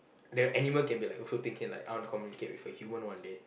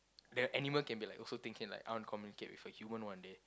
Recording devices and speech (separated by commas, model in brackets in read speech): boundary microphone, close-talking microphone, conversation in the same room